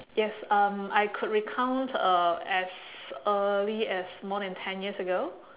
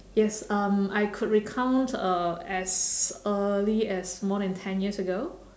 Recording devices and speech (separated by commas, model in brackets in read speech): telephone, standing microphone, conversation in separate rooms